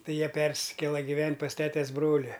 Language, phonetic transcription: Lithuanian, ˈtai ˈjie ˈpersikėla giˈvent' pas ˈtetes ˈbroli

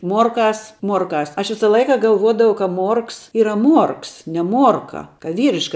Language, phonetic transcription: Lithuanian, ˈmuorˌkās ˈmuorˌkās ˈaš ˈvisa ˈlaika galˈvuodavau ka ˈmuorks ˈyra ˈmuorks ne ˈmuorka ka ˈvyriška

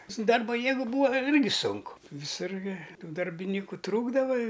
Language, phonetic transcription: Lithuanian, su ˈdarba ˈjėgu ˈbūa ˈirgi ˈsunku viˈsur gi ˈtų darbiˈnyku ˈtrūkdava i

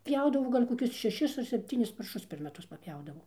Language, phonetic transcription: Lithuanian, ˈpjaudavo ˈgal' koˈkius šeˈšis ar sepˈtynis parˈšus per meˈtus papˈjaudavo

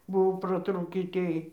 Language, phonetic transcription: Lithuanian, ˈbuvo praˈtrūkį ˈtėj

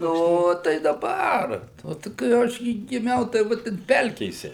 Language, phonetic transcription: Lithuanian, ˈno tai daˈbar ˈo tai kai ˈaš gi giˈmiau tai ˈva ten ˈpelkėse

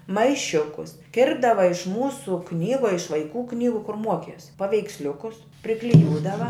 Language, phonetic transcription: Lithuanian, maiˈšiukus ˈkirpdava iš ˈmūsu ˈknygu a iš vaiˈkų ˈknygu kur ˈmuokies paveiksˈliukus prikliˈjūdava

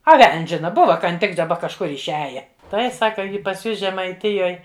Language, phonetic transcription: Lithuanian, a ˈvel'n's' ˈžina ˈbuva kan ˈtik daˈba kažˈkur išˈiaja ˈtai ˈsaka ˈji pas ˈjus žemaiˈtijoj

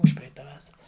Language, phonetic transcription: Lithuanian, ˈužpreita ˈvasara

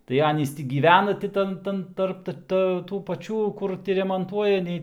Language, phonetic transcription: Lithuanian, tai ˈanys ˈtį gyˈvena ti ˈtan ˈtan ˈtarp ta tų paˈčių ˈkur ti remonˈtuoja ˈnei

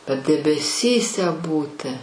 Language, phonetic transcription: Lithuanian, bet debeˈsyse ˈbūti

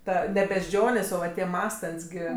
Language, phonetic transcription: Lithuanian, ˈta ne bežˈ džionės o ˈva tie ˈmąstant's' gi

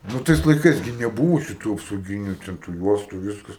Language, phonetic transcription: Lithuanian, nu ˈtais laiˈkais gi neˈbūvo šiˈtų apsauˈgyniu ten tu ˈjuostu ˈviskas

